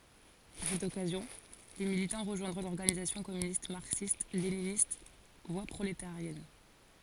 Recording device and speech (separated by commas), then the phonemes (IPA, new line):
forehead accelerometer, read sentence
a sɛt ɔkazjɔ̃ de militɑ̃ ʁəʒwɛ̃dʁɔ̃ lɔʁɡanizasjɔ̃ kɔmynist maʁksistleninist vwa pʁoletaʁjɛn